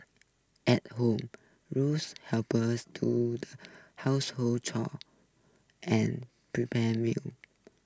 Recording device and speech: close-talking microphone (WH20), read sentence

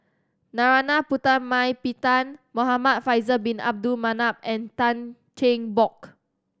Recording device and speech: standing microphone (AKG C214), read sentence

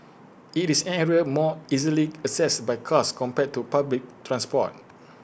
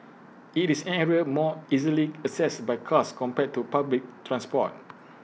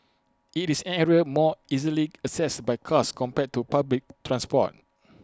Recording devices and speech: boundary microphone (BM630), mobile phone (iPhone 6), close-talking microphone (WH20), read sentence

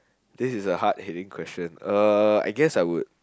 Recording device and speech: close-talking microphone, conversation in the same room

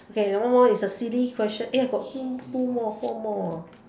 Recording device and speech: standing microphone, conversation in separate rooms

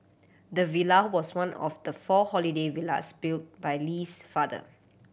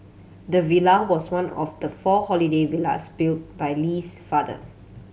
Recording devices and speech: boundary microphone (BM630), mobile phone (Samsung C7100), read sentence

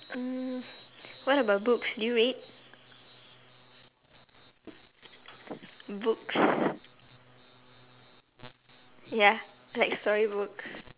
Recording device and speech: telephone, conversation in separate rooms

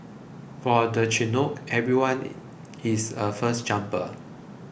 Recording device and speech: boundary microphone (BM630), read sentence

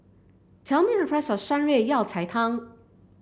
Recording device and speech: boundary microphone (BM630), read sentence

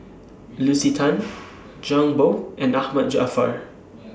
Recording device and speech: standing microphone (AKG C214), read sentence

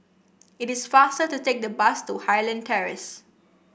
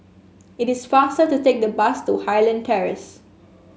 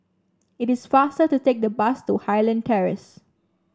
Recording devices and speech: boundary microphone (BM630), mobile phone (Samsung S8), standing microphone (AKG C214), read sentence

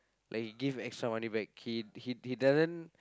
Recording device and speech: close-talking microphone, conversation in the same room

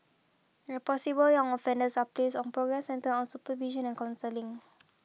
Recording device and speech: mobile phone (iPhone 6), read sentence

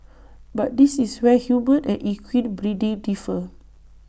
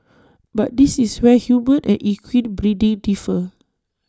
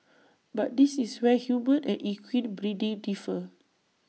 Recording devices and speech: boundary microphone (BM630), standing microphone (AKG C214), mobile phone (iPhone 6), read sentence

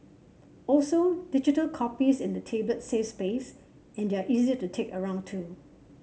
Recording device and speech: mobile phone (Samsung C7), read sentence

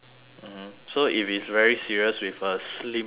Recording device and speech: telephone, conversation in separate rooms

